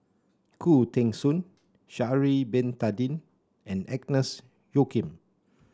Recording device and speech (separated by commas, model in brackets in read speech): standing microphone (AKG C214), read sentence